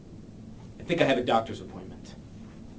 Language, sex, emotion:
English, male, neutral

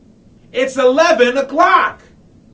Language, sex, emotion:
English, male, angry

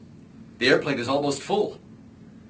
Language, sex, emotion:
English, male, neutral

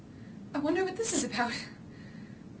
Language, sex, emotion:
English, female, fearful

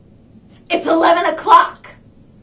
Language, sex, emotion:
English, female, angry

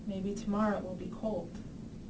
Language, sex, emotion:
English, female, neutral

